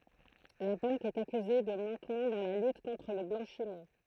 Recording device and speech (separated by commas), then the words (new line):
throat microphone, read sentence
La banque est accusée de manquement dans la lutte contre le blanchiment.